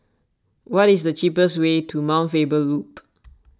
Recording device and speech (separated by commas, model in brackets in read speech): standing microphone (AKG C214), read sentence